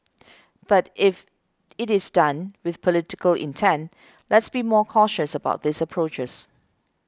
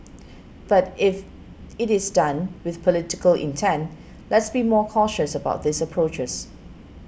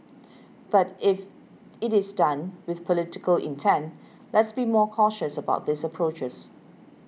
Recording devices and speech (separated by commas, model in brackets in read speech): close-talking microphone (WH20), boundary microphone (BM630), mobile phone (iPhone 6), read sentence